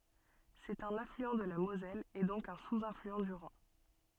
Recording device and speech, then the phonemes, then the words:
soft in-ear microphone, read sentence
sɛt œ̃n aflyɑ̃ də la mozɛl e dɔ̃k œ̃ suzaflyɑ̃ dy ʁɛ̃
C'est un affluent de la Moselle et donc un sous-affluent du Rhin.

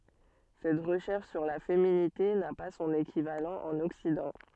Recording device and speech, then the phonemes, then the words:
soft in-ear microphone, read sentence
sɛt ʁəʃɛʁʃ syʁ la feminite na pa sɔ̃n ekivalɑ̃ ɑ̃n ɔksidɑ̃
Cette recherche sur la féminité n'a pas son équivalent en Occident.

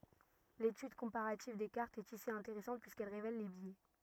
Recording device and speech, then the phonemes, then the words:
rigid in-ear microphone, read sentence
letyd kɔ̃paʁativ de kaʁtz ɛt isi ɛ̃teʁɛsɑ̃t pyiskɛl ʁevɛl le bjɛ
L'étude comparative des cartes est ici intéressante, puisqu'elle révèle les biais.

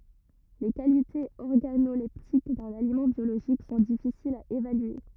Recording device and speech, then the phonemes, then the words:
rigid in-ear microphone, read sentence
le kalitez ɔʁɡanolɛptik dœ̃n alimɑ̃ bjoloʒik sɔ̃ difisilz a evalye
Les qualités organoleptiques d'un aliment biologique sont difficiles à évaluer.

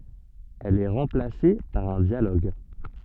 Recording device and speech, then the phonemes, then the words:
soft in-ear microphone, read sentence
ɛl ɛ ʁɑ̃plase paʁ œ̃ djaloɡ
Elle est remplacée par un dialogue.

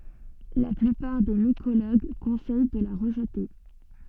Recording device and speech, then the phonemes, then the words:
soft in-ear microphone, read sentence
la plypaʁ de mikoloɡ kɔ̃sɛj də la ʁəʒte
La plupart des mycologues conseillent de la rejeter.

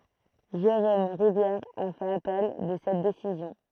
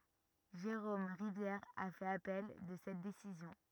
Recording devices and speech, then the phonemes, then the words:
throat microphone, rigid in-ear microphone, read sentence
ʒeʁom ʁivjɛʁ a fɛt apɛl də sɛt desizjɔ̃
Jérôme Rivière a fait appel de cette décision.

